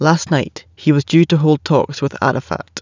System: none